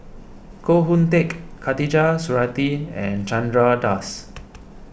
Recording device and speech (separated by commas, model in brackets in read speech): boundary microphone (BM630), read sentence